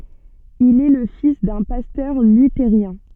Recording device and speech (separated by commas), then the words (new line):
soft in-ear microphone, read sentence
Il est le fils d'un pasteur luthérien.